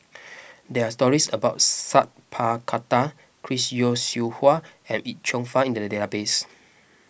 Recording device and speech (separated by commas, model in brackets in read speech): boundary microphone (BM630), read sentence